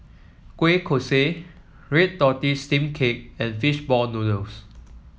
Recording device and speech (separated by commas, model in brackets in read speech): mobile phone (iPhone 7), read sentence